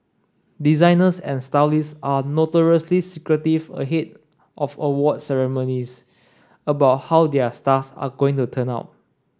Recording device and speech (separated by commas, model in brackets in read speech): standing microphone (AKG C214), read sentence